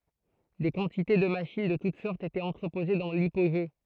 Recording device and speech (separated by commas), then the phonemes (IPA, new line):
throat microphone, read sentence
de kɑ̃tite də maʃin də tut sɔʁtz etɛt ɑ̃tʁəpoze dɑ̃ lipoʒe